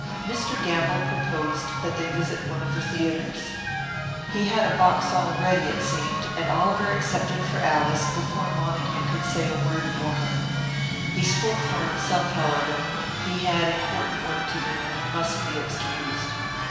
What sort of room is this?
A large, very reverberant room.